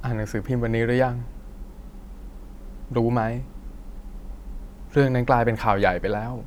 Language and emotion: Thai, sad